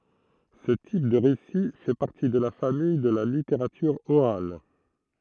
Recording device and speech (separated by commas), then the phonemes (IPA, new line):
throat microphone, read sentence
sə tip də ʁesi fɛ paʁti də la famij də la liteʁatyʁ oʁal